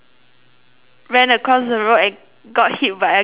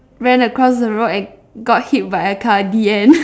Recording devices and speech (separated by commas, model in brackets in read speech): telephone, standing microphone, conversation in separate rooms